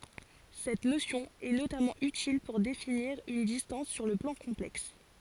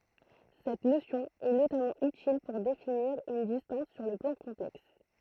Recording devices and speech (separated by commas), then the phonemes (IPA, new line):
forehead accelerometer, throat microphone, read sentence
sɛt nosjɔ̃ ɛ notamɑ̃ ytil puʁ definiʁ yn distɑ̃s syʁ lə plɑ̃ kɔ̃plɛks